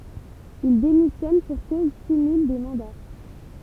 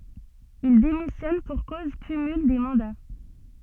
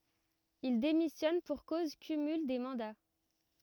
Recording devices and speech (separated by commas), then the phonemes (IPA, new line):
temple vibration pickup, soft in-ear microphone, rigid in-ear microphone, read sentence
il demisjɔn puʁ koz kymyl de mɑ̃da